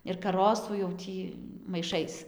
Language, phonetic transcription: Lithuanian, ir kaˈrosų jau ˈtį maiˈšais

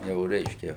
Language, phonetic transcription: Lithuanian, ˈjau ˈreiškia

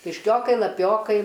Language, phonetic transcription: Lithuanian, kišˈkiokai laˈpiokai

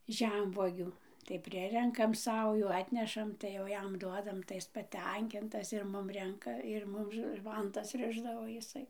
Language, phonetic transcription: Lithuanian, ˈžemvuogių tai ˈprirenkam ˈsaujų ˈatnešam tai jau ˈjam ˈduodam tai ˈis paˈtenkintas ir ˈmum ˈrenka ir ˈmum ˈvantas ˈrišdavo jiˈsai

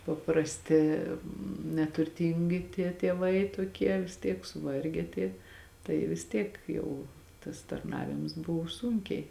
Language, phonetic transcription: Lithuanian, paprasˈti neturˈtyngi tie tieˈvai toˈkie vis ˈtiek suˈvarge tie tai vis ˈtiek ˈjau tas tarˈnavims ˈbuv ˈsūnkiai

